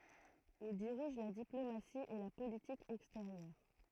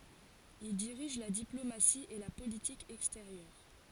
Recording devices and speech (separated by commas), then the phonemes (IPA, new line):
throat microphone, forehead accelerometer, read sentence
il diʁiʒ la diplomasi e la politik ɛksteʁjœʁ